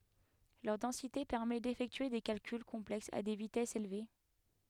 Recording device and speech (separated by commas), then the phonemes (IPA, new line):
headset microphone, read sentence
lœʁ dɑ̃site pɛʁmɛ defɛktye de kalkyl kɔ̃plɛksz a de vitɛsz elve